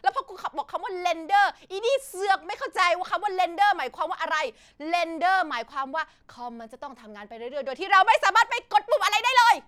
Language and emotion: Thai, angry